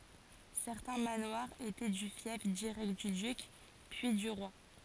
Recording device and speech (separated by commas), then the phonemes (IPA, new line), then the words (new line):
forehead accelerometer, read sentence
sɛʁtɛ̃ manwaʁz etɛ dy fjɛf diʁɛkt dy dyk pyi dy ʁwa
Certains manoirs étaient du fief direct du duc, puis du roi.